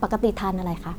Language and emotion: Thai, neutral